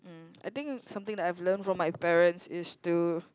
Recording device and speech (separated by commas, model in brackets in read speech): close-talking microphone, conversation in the same room